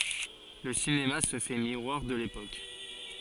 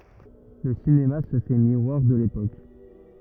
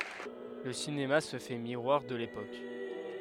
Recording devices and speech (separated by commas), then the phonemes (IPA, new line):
forehead accelerometer, rigid in-ear microphone, headset microphone, read sentence
lə sinema sə fɛ miʁwaʁ də lepok